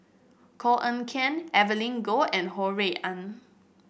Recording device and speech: boundary microphone (BM630), read sentence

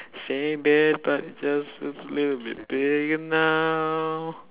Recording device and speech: telephone, conversation in separate rooms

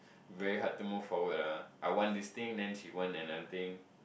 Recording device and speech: boundary microphone, conversation in the same room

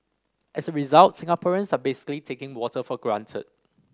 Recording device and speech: standing microphone (AKG C214), read sentence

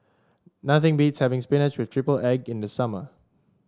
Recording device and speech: standing microphone (AKG C214), read sentence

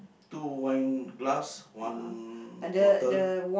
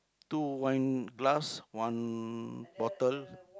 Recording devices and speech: boundary microphone, close-talking microphone, conversation in the same room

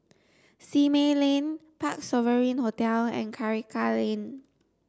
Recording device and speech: standing microphone (AKG C214), read sentence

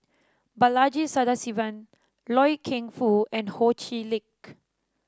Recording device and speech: standing microphone (AKG C214), read sentence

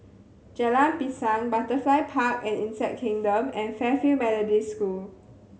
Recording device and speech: mobile phone (Samsung C7100), read sentence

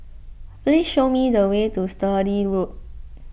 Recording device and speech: boundary microphone (BM630), read sentence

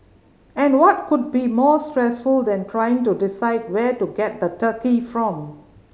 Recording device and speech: mobile phone (Samsung C5010), read sentence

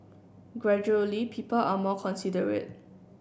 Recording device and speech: boundary microphone (BM630), read sentence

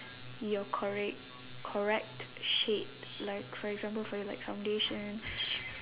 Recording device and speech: telephone, conversation in separate rooms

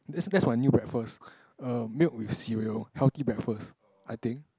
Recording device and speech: close-talking microphone, conversation in the same room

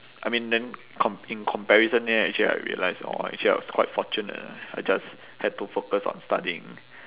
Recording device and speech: telephone, conversation in separate rooms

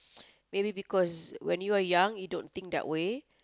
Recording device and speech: close-talking microphone, conversation in the same room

